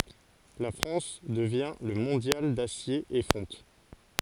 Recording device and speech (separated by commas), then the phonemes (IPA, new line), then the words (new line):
forehead accelerometer, read sentence
la fʁɑ̃s dəvjɛ̃ lə mɔ̃djal dasje e fɔ̃t
La France devient le mondial d'acier et fonte.